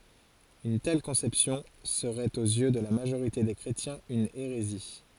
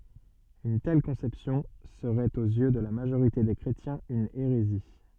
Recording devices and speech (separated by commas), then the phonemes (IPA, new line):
forehead accelerometer, soft in-ear microphone, read sentence
yn tɛl kɔ̃sɛpsjɔ̃ səʁɛt oz jø də la maʒoʁite de kʁetjɛ̃z yn eʁezi